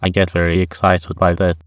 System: TTS, waveform concatenation